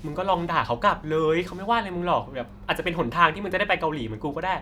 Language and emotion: Thai, frustrated